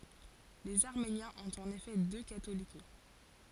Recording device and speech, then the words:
forehead accelerometer, read sentence
Les Arméniens ont en effet deux Catholicos.

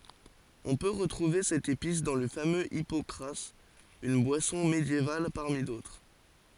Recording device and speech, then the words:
forehead accelerometer, read sentence
On peut retrouver cette épice dans le fameux hypocras, une boisson médiévale parmi d'autres.

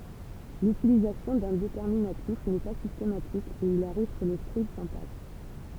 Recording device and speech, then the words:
temple vibration pickup, read sentence
L'utilisation d'un déterminatif n'est pas systématique, et il arrive que le scribe s'en passe.

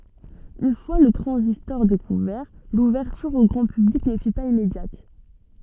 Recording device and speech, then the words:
soft in-ear microphone, read sentence
Une fois le transistor découvert, l'ouverture au grand public ne fut pas immédiate.

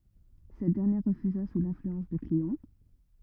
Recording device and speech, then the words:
rigid in-ear microphone, read sentence
Cette dernière refusa sous l'influence de Cléon.

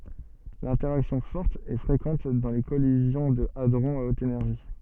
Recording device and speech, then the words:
soft in-ear microphone, read sentence
L'interaction forte est fréquente dans les collisions de hadrons à haute énergie.

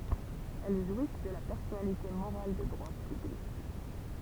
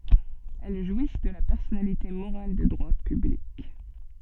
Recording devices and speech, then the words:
temple vibration pickup, soft in-ear microphone, read sentence
Elles jouissent de la personnalité morale de droit public.

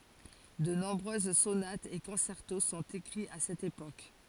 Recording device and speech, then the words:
forehead accelerometer, read sentence
De nombreuses sonates et concertos sont écrits à cette époque.

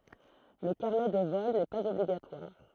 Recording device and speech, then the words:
throat microphone, read sentence
Le carnet de vol n'est pas obligatoire.

